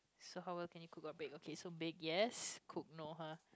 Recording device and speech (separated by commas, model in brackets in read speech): close-talking microphone, conversation in the same room